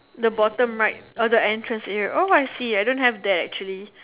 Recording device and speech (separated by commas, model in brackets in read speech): telephone, conversation in separate rooms